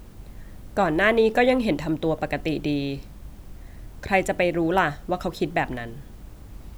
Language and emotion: Thai, neutral